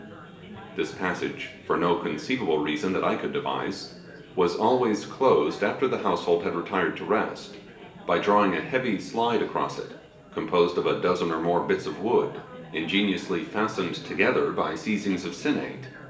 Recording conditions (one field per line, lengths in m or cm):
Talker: one person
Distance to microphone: 1.8 m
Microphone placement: close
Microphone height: 1.0 m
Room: large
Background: babble